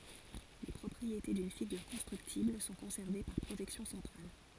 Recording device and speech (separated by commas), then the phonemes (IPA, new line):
forehead accelerometer, read sentence
le pʁɔpʁiete dyn fiɡyʁ kɔ̃stʁyktibl sɔ̃ kɔ̃sɛʁve paʁ pʁoʒɛksjɔ̃ sɑ̃tʁal